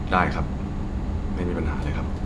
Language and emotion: Thai, neutral